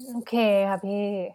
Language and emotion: Thai, frustrated